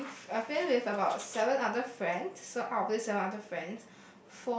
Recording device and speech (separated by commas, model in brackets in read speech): boundary microphone, conversation in the same room